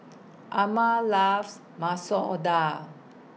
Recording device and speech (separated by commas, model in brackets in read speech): mobile phone (iPhone 6), read sentence